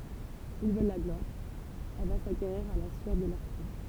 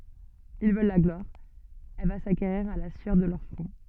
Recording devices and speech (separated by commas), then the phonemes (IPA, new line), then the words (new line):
temple vibration pickup, soft in-ear microphone, read sentence
il vœl la ɡlwaʁ ɛl va sakeʁiʁ a la syœʁ də lœʁ fʁɔ̃
Ils veulent la gloire, elle va s’acquérir à la sueur de leur front.